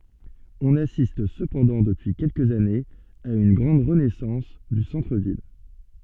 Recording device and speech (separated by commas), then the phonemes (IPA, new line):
soft in-ear microphone, read sentence
ɔ̃n asist səpɑ̃dɑ̃ dəpyi kɛlkəz anez a yn ɡʁɑ̃d ʁənɛsɑ̃s dy sɑ̃tʁ vil